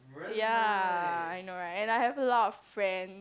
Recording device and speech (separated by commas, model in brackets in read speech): close-talking microphone, conversation in the same room